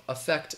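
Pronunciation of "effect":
'Effect' begins with a schwa, an uh sound.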